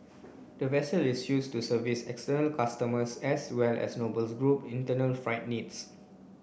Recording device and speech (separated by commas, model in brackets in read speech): boundary microphone (BM630), read sentence